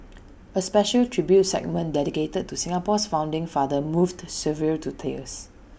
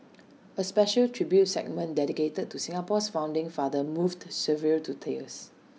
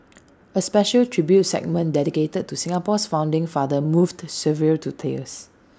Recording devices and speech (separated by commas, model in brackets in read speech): boundary microphone (BM630), mobile phone (iPhone 6), standing microphone (AKG C214), read sentence